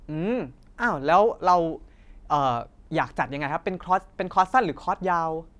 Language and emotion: Thai, neutral